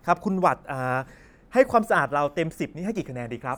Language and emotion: Thai, happy